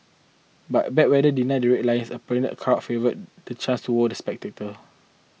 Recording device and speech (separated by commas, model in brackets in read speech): mobile phone (iPhone 6), read sentence